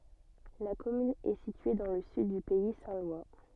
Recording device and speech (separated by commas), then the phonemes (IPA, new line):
soft in-ear microphone, read sentence
la kɔmyn ɛ sitye dɑ̃ lə syd dy pɛi sɛ̃ lwa